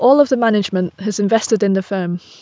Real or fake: real